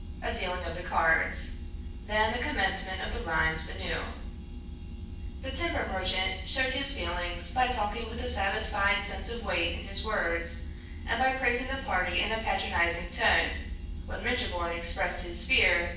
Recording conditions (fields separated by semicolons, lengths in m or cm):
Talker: one person; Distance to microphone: 9.8 m; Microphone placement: far; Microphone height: 1.8 m; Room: large; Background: none